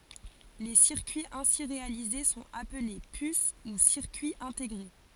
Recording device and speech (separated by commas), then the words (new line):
forehead accelerometer, read sentence
Les circuits ainsi réalisés sont appelés puces ou circuits intégrés.